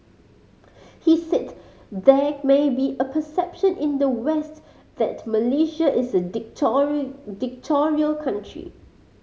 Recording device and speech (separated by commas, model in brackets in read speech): mobile phone (Samsung C5010), read sentence